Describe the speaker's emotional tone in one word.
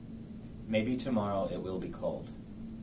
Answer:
neutral